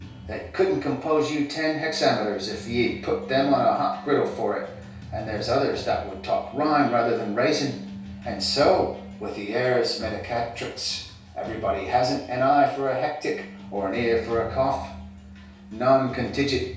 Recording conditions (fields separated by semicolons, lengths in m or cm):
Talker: one person; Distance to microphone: 3.0 m; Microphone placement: far; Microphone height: 1.8 m; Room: small (3.7 m by 2.7 m); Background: music